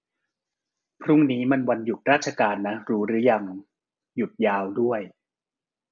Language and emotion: Thai, neutral